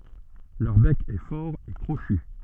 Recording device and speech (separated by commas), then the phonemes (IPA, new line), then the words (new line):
soft in-ear microphone, read sentence
lœʁ bɛk ɛ fɔʁ e kʁoʃy
Leur bec est fort et crochu.